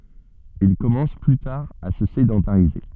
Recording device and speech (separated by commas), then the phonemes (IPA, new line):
soft in-ear microphone, read sentence
il kɔmɑ̃s ply taʁ a sə sedɑ̃taʁize